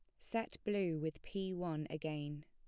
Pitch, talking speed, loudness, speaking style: 160 Hz, 160 wpm, -41 LUFS, plain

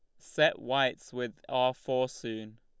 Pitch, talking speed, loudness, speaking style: 125 Hz, 150 wpm, -31 LUFS, Lombard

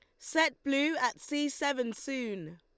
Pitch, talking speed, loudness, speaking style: 275 Hz, 150 wpm, -31 LUFS, Lombard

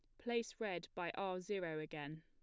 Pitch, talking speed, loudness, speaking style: 180 Hz, 180 wpm, -44 LUFS, plain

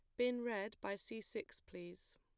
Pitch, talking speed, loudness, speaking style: 215 Hz, 185 wpm, -44 LUFS, plain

